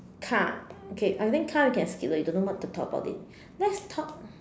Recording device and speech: standing microphone, conversation in separate rooms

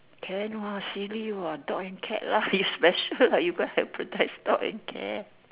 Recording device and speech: telephone, conversation in separate rooms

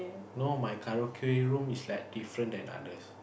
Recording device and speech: boundary microphone, conversation in the same room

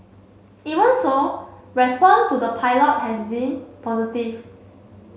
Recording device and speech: mobile phone (Samsung C7), read sentence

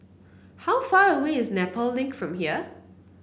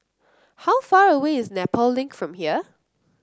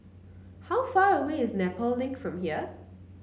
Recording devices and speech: boundary microphone (BM630), close-talking microphone (WH30), mobile phone (Samsung C9), read sentence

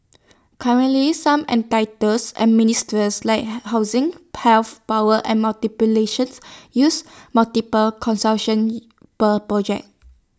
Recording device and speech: standing microphone (AKG C214), read sentence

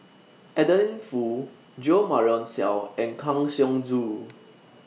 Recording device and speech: mobile phone (iPhone 6), read sentence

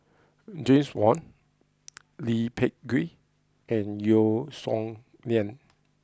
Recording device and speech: close-talking microphone (WH20), read sentence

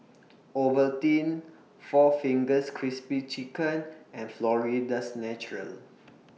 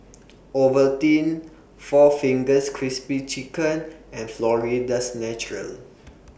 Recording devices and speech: mobile phone (iPhone 6), boundary microphone (BM630), read sentence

